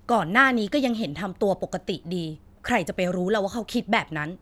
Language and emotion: Thai, frustrated